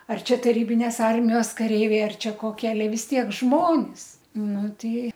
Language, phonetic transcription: Lithuanian, ar ˈčia taˈrybinės ˈarmijos kaˈreiviai ˈar ˈčia koˈkie aˈle vis ˈtiek ˈžmonis nu ˈtai

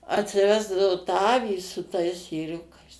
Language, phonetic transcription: Lithuanian, atsiˈvesdavo tą ˈavį su tais ėˈriukais

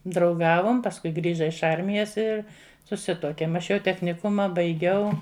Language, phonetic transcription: Lithuanian, drauˈgavom pasˈkui ˈgrįža iš ˈarmijas ir suˈsituokėm aš ˈjau techniˈkuma baiˈgiau

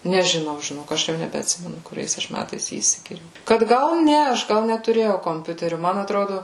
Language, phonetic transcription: Lithuanian, nežiˈnau žiˈnok ˈaš jau nebeatˈsimenu kuˈriais ˈaš ˈmætais ˈjį įsigiˈjau kad ˈgal ˈne aš ˈgal netuˈrėjau komˈpiuteriu ˈman atˈrodu

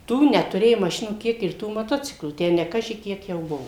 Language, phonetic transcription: Lithuanian, ˈtų netuˈrėju maˈšinų ˈkiek ir ˈtų maˈtociklų ˈtę ne ˈkaži ˈkiek jau ˈbuvo

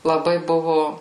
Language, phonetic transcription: Lithuanian, laˈbai ˈbuvu

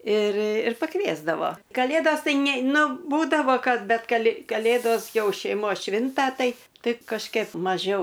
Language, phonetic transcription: Lithuanian, ir ir paˈkviesdavo kaˈlėdos ˈtai ne ˈnu ˈbūdavo ˈkad ˈbet ˈ kali kaˈlėdos ˈjau šeiˈmos ˈšvinta ˈtai ˈtai kažˈkep maˈžiau

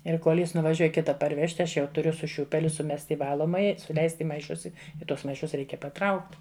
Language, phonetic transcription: Lithuanian, ir ˈkol ˈjis nuvaˈžiuoj ˈkita parˈvežti ˈaš jau tuˈriu su ˈšiūpeliu suˈmest' i ˈvalomaja suˈleist' i maiˈšus ˈi i ˈtuos maiˈšus ˈreikia paˈtraukt

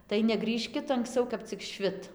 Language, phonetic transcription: Lithuanian, tai neˈgrįžkit anksˈcau kap cik ˈšvit

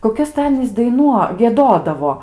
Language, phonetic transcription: Lithuanian, koˈkias tai ˈanys daiˈnuo gieˈdodavo

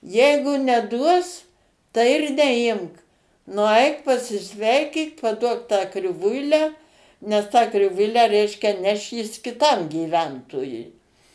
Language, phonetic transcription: Lithuanian, ˈjeigu neˈduos tai ir neˈimk nuˈaik pasiˈsveikyk paˈduok tą kriˈvuilę nes tą kriˈvuilę ˈreiškia ˈneš jis kiˈtam gyˈventojui

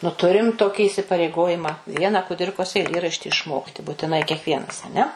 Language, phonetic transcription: Lithuanian, nu ˈturim ˈtoki isipareiˈgojima ˈviena kuˈdirkos eiˈlėrašti išˈmokti būtiˈnai kekˈvienas aˈne

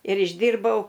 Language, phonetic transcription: Lithuanian, ir išˈdyrbau

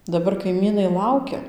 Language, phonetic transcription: Lithuanian, daˈbar kaiˈmynai ˈlaukia

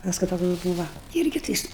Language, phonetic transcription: Lithuanian, ˈpaskui ˈtoks ˈbūva ˈirgi tai ˈjis

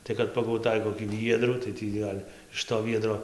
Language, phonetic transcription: Lithuanian, ˈtai kad pagauˈtai kokį ˈviedrų tai ˈtį gal' iš to ˈviedro

